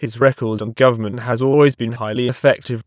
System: TTS, waveform concatenation